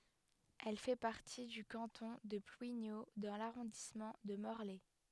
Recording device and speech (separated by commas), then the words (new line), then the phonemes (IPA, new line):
headset microphone, read sentence
Elle fait partie du canton de Plouigneau, dans l'arrondissement de Morlaix.
ɛl fɛ paʁti dy kɑ̃tɔ̃ də plwiɲo dɑ̃ laʁɔ̃dismɑ̃ də mɔʁlɛ